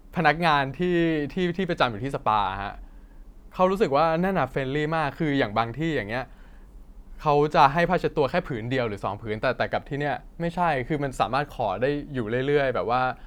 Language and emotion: Thai, happy